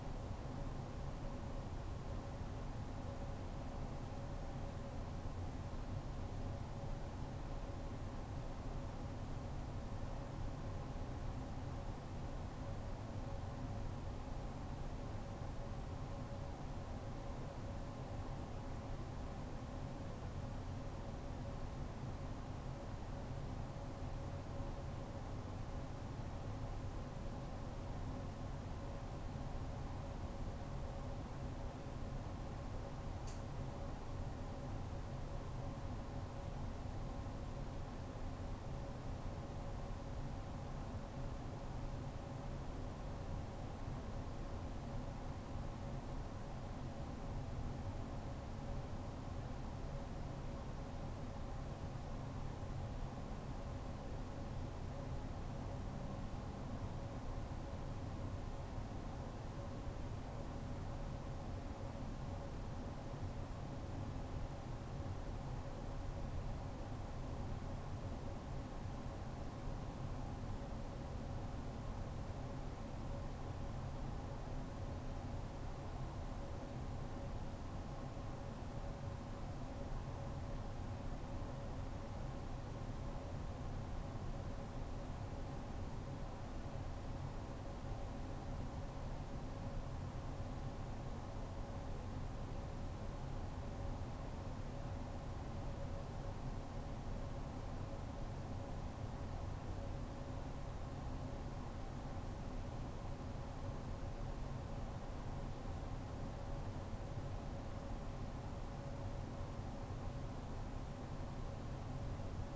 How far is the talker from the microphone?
No talker.